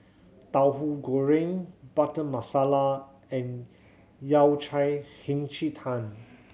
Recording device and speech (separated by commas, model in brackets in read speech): mobile phone (Samsung C7100), read sentence